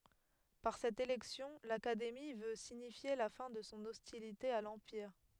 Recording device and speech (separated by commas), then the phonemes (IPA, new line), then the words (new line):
headset microphone, read sentence
paʁ sɛt elɛksjɔ̃ lakademi vø siɲifje la fɛ̃ də sɔ̃ ɔstilite a lɑ̃piʁ
Par cette élection, l'Académie veut signifier la fin de son hostilité à l'Empire.